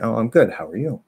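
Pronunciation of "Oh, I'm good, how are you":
In this reply, the stress in 'how are you' falls on 'you'.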